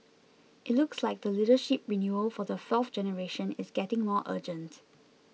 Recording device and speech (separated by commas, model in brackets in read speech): mobile phone (iPhone 6), read sentence